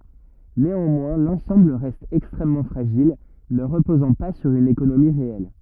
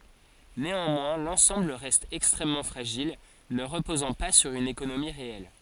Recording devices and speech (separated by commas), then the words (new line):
rigid in-ear microphone, forehead accelerometer, read sentence
Néanmoins, l'ensemble reste extrêmement fragile, ne reposant pas sur une économie réelle.